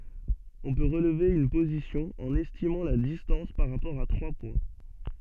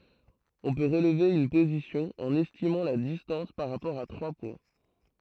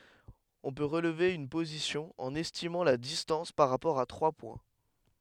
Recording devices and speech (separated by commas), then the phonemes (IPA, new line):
soft in-ear microphone, throat microphone, headset microphone, read sentence
ɔ̃ pø ʁəlve yn pozisjɔ̃ ɑ̃n ɛstimɑ̃ la distɑ̃s paʁ ʁapɔʁ a tʁwa pwɛ̃